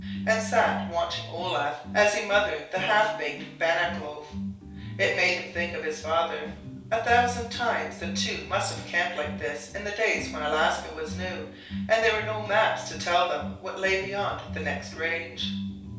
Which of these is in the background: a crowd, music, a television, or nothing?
Music.